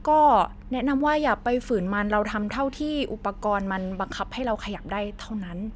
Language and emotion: Thai, neutral